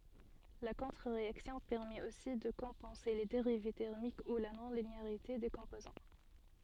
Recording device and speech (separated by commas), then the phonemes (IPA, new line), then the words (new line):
soft in-ear microphone, read sentence
la kɔ̃tʁəʁeaksjɔ̃ pɛʁmɛt osi də kɔ̃pɑ̃se le deʁiv tɛʁmik u la nɔ̃lineaʁite de kɔ̃pozɑ̃
La contre-réaction permet aussi de compenser les dérives thermiques ou la non-linéarité des composants.